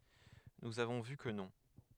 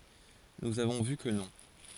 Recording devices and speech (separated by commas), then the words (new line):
headset microphone, forehead accelerometer, read sentence
Nous avons vu que non.